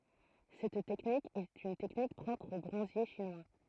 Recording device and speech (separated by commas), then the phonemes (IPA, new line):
throat microphone, read sentence
sɛt tɛknik ɛt yn tɛknik pʁɔpʁ o bʁɔ̃zje ʃinwa